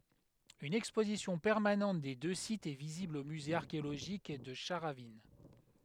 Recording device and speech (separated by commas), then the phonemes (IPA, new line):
headset microphone, read sentence
yn ɛkspozisjɔ̃ pɛʁmanɑ̃t de dø sitz ɛ vizibl o myze aʁkeoloʒik də ʃaʁavin